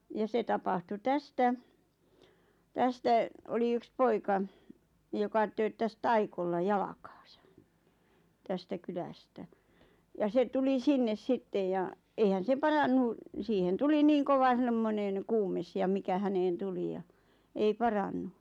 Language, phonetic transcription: Finnish, ja 'se tapahtu "tästä , "tästä , oli 'yks "poika , joka 'tööttäs "taikolla 'jalakᴀᴀsᴀ , 'tästä "kylästä , ja 'se tuli 'sinnes "sittej ja , 'eihän se "parannu , 'siihen "tuli 'niiŋ "kova 'semmoneŋ "kuumes ja 'mikä 'häneen "tuli ja , 'ei "parannu .
- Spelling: ja se tapahtui tästä tästä oli yksi poika joka tööttäsi talikolla jalkaansa tästä kylästä ja se tuli sinne sitten ja eihän se parantunut siihen tuli niin kova semmoinen kuume ja mikä häneen tuli ja ei parantunut

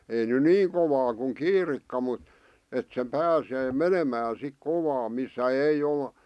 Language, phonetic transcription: Finnish, ei ny "niiŋ kovaa kuŋ "kiirikka mut , et se "pääsee "menemään sik 'kovaa missä 'ei ol ,.
- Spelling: ei nyt niin kovaa kuin kiirikka mutta että se pääsee menemään sitten kovaa missä ei ole

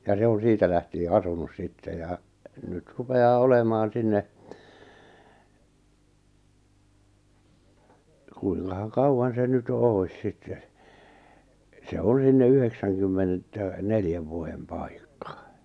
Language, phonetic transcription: Finnish, ja 'se on̬ 'siitä lähtie 'asunus sitte ja , nyt 'rupe₍aa 'olemaan̬ 'sinne , kuiŋkahaŋ 'kauwan se nyt jo 'òi̬s 'sitte , se "on 'sinne 'yheksäŋkymmenettä , 'neljäv vuojem 'pàikka .
- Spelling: ja se on siitä lähtien asunut sitten ja nyt rupeaa olemaan sinne kuinkahan kauan se nyt jo olisi sitten se on sinne yhdeksänkymmenettä neljän vuoden paikka

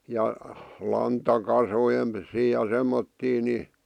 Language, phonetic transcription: Finnish, 'ja , 'lanta'kaso(jen vissii) ja 'semmottii ni ,.
- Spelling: ja lantakasojen vissiin ja semmoisia niin

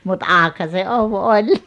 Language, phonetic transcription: Finnish, mut "akha se 'ov 'oĺ .
- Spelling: mutta aukihan se ovi oli

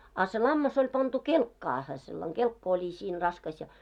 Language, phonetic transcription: Finnish, a se 'lammas ‿oĺ pantu 'kelkkaahe , sellaŋ 'ɢelkka oĺi siin 'raskas ja .
- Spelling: a se lammas oli pantu kelkkaan sellainen kelkka oli siinä raskas ja

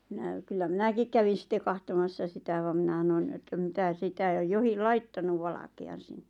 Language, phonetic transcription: Finnish, 'minä , kyllä "minäkik kävin̬ sitte 'kahtomassa sitä vam minä ˢanon että 'mitä 'sitä jo- 'johil "laittanuv 'valake₍an sinnᴇ .
- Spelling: minä kyllä minäkin kävin sitten katsomassa sitä vaan minä sanoin että mitä sitä - johonkin laittanut valkean sinne

